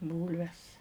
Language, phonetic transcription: Lithuanian, ˈbūlves

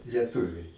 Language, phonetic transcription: Lithuanian, lieˈtuviai

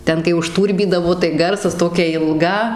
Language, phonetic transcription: Lithuanian, ˈten kai užˈtūrbydavo tai ˈgarsas ˈtokia ilˈga

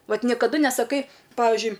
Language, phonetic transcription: Lithuanian, ˈvat nikaˈdu nesaˈkai ˈpavižiui

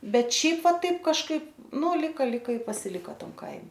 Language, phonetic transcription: Lithuanian, ˈbet ˈšiaip ˈva ˈtaip kažˈkaip nu lˈika ˈlika i pasiˈliko ˈtam ˈkaime

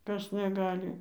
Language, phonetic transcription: Lithuanian, ˈkas neˈgali

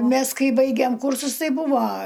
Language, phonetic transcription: Lithuanian, ˈmes ˈkai ˈbaigėm ˈkūrsus ˈtai ˈbuvo

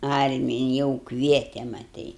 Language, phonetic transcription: Lithuanian, ˈarmiji jau ˈkviete maˈtai

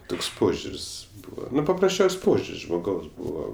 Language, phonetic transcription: Lithuanian, ˈtoks ˈpožiur's' ˈbūva paprasˈčiaus' ˈpožiur's' žmoˈgaus ˈbūvo

